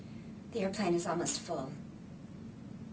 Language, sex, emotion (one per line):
English
female
neutral